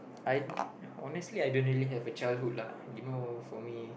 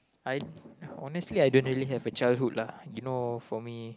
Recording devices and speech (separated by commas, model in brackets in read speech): boundary microphone, close-talking microphone, conversation in the same room